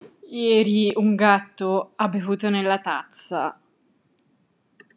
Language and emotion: Italian, disgusted